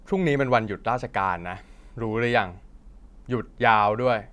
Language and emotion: Thai, frustrated